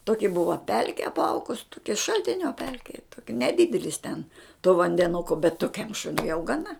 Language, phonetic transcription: Lithuanian, toki ˈbuva ˈpelki apˈaugus ˈtoki šaltinio ˈpelki neˈdidelis ten to vandeˈnuko bet toˈkiam ˈšuniui jau gaˈna

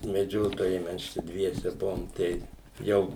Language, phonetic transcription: Lithuanian, meˈdžiotojai ˈmes ˈčia ˈdviese ˈbuvom ˈtai ˈjau

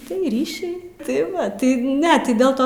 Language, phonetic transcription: Lithuanian, tai ˈryšiai tai ˈva ˈtai ˈne ˈtai del ˈto

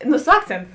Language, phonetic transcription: Lithuanian, nu su ˈakcėntu

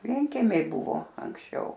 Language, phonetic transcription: Lithuanian, ˈvienkemiai ˈbuvo anksˈčiau

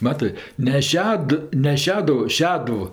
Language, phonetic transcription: Lithuanian, ˈmatɜ ne ˈšed ne ˈšeduvu ˈšeduv

